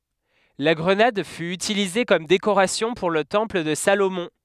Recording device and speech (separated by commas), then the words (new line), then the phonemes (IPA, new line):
headset microphone, read sentence
La grenade fut utilisée comme décoration pour le temple de Salomon.
la ɡʁənad fy ytilize kɔm dekoʁasjɔ̃ puʁ lə tɑ̃pl də salomɔ̃